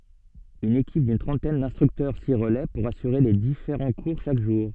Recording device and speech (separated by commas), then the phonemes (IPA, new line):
soft in-ear microphone, read sentence
yn ekip dyn tʁɑ̃tɛn dɛ̃stʁyktœʁ si ʁəlɛ puʁ asyʁe le difeʁɑ̃ kuʁ ʃak ʒuʁ